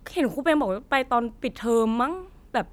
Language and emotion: Thai, neutral